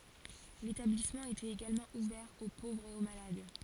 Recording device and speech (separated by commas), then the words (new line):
forehead accelerometer, read sentence
L'établissement était également ouvert aux pauvres et aux malades.